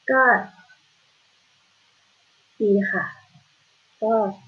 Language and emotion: Thai, frustrated